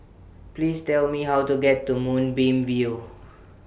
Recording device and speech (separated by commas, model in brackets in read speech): boundary microphone (BM630), read sentence